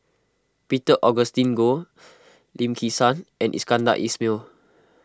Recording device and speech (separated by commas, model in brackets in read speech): close-talking microphone (WH20), read sentence